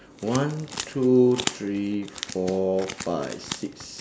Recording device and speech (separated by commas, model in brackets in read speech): standing microphone, conversation in separate rooms